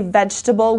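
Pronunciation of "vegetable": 'Vegetable' is said the way most people say it, with one of its e sounds dropped.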